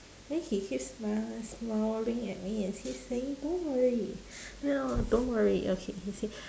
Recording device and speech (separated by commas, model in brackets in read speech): standing microphone, conversation in separate rooms